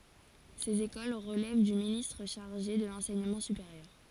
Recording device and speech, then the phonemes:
forehead accelerometer, read sentence
sez ekol ʁəlɛv dy ministʁ ʃaʁʒe də lɑ̃sɛɲəmɑ̃ sypeʁjœʁ

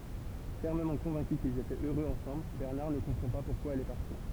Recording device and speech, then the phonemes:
temple vibration pickup, read sentence
fɛʁməmɑ̃ kɔ̃vɛ̃ky kilz etɛt øʁøz ɑ̃sɑ̃bl bɛʁnaʁ nə kɔ̃pʁɑ̃ pa puʁkwa ɛl ɛ paʁti

